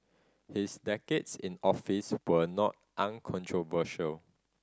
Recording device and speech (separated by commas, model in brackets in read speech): standing microphone (AKG C214), read sentence